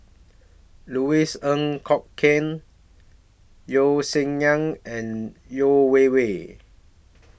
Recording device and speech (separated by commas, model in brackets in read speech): boundary microphone (BM630), read sentence